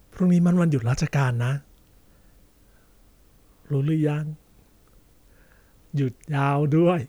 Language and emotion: Thai, neutral